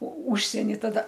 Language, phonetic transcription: Lithuanian, o ˈužsieni taˈda

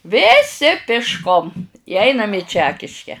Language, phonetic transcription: Lithuanian, vėˈsi pišˈkom i ˈainam i ˈčekiške

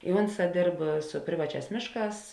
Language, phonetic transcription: Lithuanian, i ˈunˌsā ˈdėrb su ˈprivaˌčiās ˈmėšˌkās

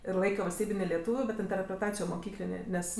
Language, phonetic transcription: Lithuanian, ir ˈlaikio valsˈtybinė leˈtūviu bet interpreˈtacijo moˈkyklinė ˈnes

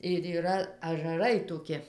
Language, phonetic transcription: Lithuanian, ir yˈra ažaˈrai toˈki

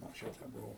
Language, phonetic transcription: Lithuanian, anksˈčiau tai buˈvau

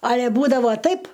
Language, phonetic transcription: Lithuanian, ˈale ˈbūdavo ˈtaip

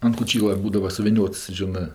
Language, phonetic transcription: Lithuanian, an koˈčyla ˈbūdava suviˈniots ˈžinɜ

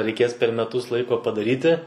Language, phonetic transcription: Lithuanian, reiˈkės per meˈtus ˈlaiko padaˈryti

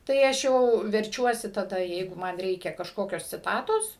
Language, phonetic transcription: Lithuanian, ˈtai ˈaš jau verˈčiuosi taˈda ˈjeigu man ˈreikia kažˈkokios ciˈtatos

